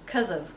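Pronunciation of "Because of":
'Because of' is reduced and said low in pitch.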